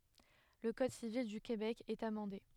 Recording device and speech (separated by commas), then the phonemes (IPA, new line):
headset microphone, read sentence
lə kɔd sivil dy kebɛk ɛt amɑ̃de